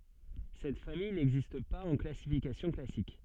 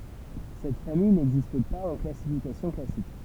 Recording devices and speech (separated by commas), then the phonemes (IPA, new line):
soft in-ear microphone, temple vibration pickup, read sentence
sɛt famij nɛɡzist paz ɑ̃ klasifikasjɔ̃ klasik